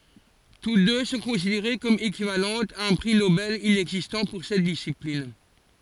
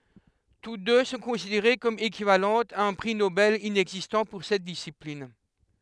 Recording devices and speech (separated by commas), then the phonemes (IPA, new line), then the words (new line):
forehead accelerometer, headset microphone, read sentence
tut dø sɔ̃ kɔ̃sideʁe kɔm ekivalɑ̃tz a œ̃ pʁi nobɛl inɛɡzistɑ̃ puʁ sɛt disiplin
Toutes deux sont considérées comme équivalentes à un prix Nobel inexistant pour cette discipline.